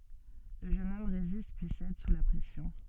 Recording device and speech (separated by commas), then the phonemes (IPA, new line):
soft in-ear microphone, read sentence
lə ʒøn ɔm ʁezist pyi sɛd su la pʁɛsjɔ̃